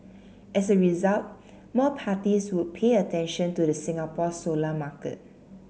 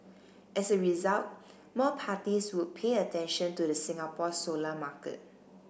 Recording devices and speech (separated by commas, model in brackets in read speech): mobile phone (Samsung C7), boundary microphone (BM630), read sentence